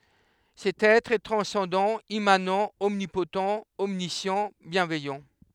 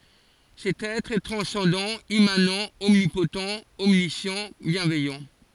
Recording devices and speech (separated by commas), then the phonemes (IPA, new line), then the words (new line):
headset microphone, forehead accelerometer, read sentence
sɛt ɛtʁ ɛ tʁɑ̃sɑ̃dɑ̃ immanɑ̃ ɔmnipott ɔmnisjɑ̃ bjɛ̃vɛjɑ̃
Cet Être est transcendant, immanent, omnipotent, omniscient, bienveillant.